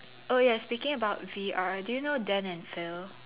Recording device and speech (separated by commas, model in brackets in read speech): telephone, conversation in separate rooms